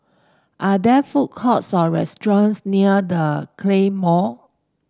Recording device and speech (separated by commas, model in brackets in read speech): standing microphone (AKG C214), read sentence